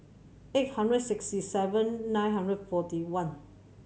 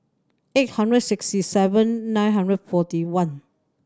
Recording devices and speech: mobile phone (Samsung C7100), standing microphone (AKG C214), read sentence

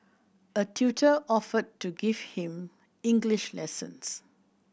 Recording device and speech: boundary microphone (BM630), read sentence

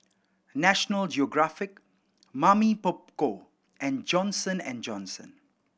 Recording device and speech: boundary microphone (BM630), read sentence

